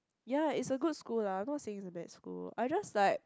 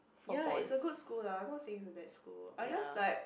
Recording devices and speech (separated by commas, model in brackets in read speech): close-talking microphone, boundary microphone, conversation in the same room